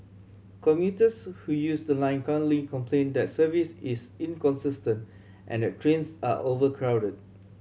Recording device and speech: mobile phone (Samsung C7100), read sentence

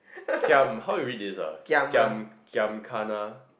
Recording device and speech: boundary microphone, conversation in the same room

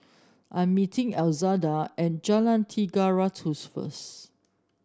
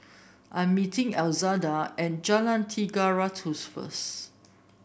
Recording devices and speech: standing microphone (AKG C214), boundary microphone (BM630), read sentence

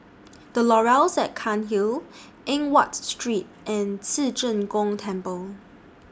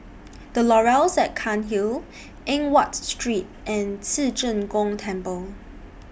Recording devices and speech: standing microphone (AKG C214), boundary microphone (BM630), read sentence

